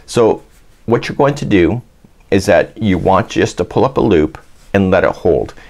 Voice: in sing song voice